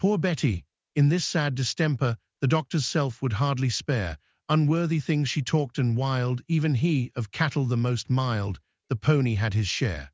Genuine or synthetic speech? synthetic